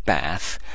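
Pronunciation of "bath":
'Bath' is said with a northern English pronunciation, the way it is said in the north of England rather than the south.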